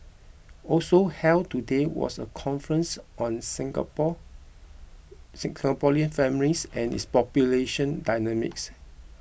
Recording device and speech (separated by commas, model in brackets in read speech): boundary microphone (BM630), read sentence